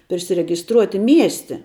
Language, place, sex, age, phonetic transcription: Lithuanian, Žemaitija, female, 18-60, prisiregisˈtruoti ˈmiesti

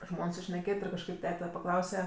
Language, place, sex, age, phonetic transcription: Lithuanian, Aukštaitija, female, 18-60, ˈžmon sušneˈkėt' ir kažˈkaip ˈtete paˈklause

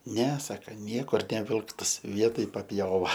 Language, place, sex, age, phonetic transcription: Lithuanian, Aukštaitija, male, 18-60, ne ˈsaka ˈniekur neˈvilktas ˈvietoj papˈjova

